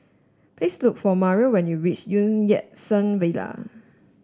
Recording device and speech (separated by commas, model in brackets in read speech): standing microphone (AKG C214), read sentence